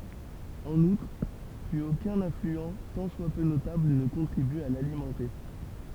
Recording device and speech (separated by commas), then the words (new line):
temple vibration pickup, read sentence
En outre, plus aucun affluent tant soit peu notable ne contribue à l'alimenter.